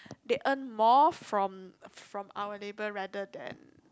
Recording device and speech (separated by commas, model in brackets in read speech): close-talking microphone, conversation in the same room